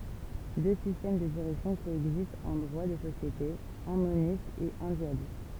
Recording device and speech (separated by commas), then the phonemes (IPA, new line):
temple vibration pickup, read sentence
dø sistɛm də diʁɛksjɔ̃ koɛɡzistt ɑ̃ dʁwa de sosjetez œ̃ monist e œ̃ dyalist